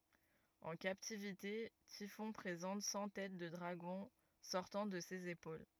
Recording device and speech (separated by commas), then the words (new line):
rigid in-ear microphone, read sentence
En captivité, Typhon présente cent têtes de dragons sortant de ses épaules.